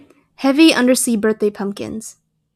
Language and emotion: English, fearful